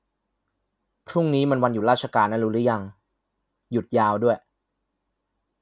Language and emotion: Thai, neutral